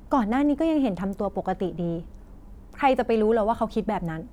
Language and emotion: Thai, frustrated